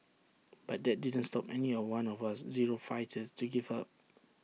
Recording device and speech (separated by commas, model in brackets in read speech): mobile phone (iPhone 6), read sentence